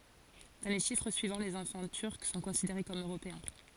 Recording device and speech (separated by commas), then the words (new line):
forehead accelerometer, read sentence
Dans les chiffres suivants, les enfants turcs sont considérés comme européens.